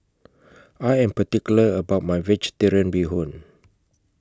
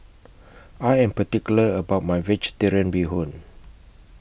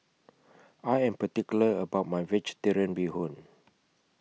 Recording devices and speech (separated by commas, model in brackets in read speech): close-talking microphone (WH20), boundary microphone (BM630), mobile phone (iPhone 6), read sentence